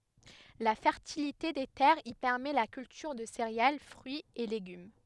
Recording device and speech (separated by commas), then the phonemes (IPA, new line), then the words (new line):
headset microphone, read sentence
la fɛʁtilite de tɛʁz i pɛʁmɛ la kyltyʁ də seʁeal fʁyiz e leɡym
La fertilité des terres y permet la culture de céréales, fruits et légumes.